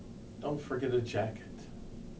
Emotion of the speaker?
neutral